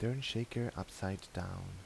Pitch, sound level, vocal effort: 105 Hz, 78 dB SPL, soft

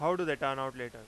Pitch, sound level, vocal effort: 135 Hz, 96 dB SPL, very loud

